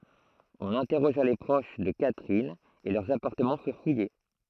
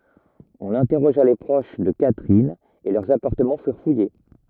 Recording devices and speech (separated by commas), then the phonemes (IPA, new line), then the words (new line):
throat microphone, rigid in-ear microphone, read sentence
ɔ̃n ɛ̃tɛʁoʒa le pʁoʃ də katʁin e lœʁz apaʁtəmɑ̃ fyʁ fuje
On interrogea les proches de Catherine, et leurs appartements furent fouillés.